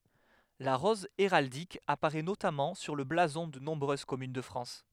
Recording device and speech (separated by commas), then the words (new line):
headset microphone, read sentence
La rose héraldique apparaît notamment sur le blason de nombreuses communes de France.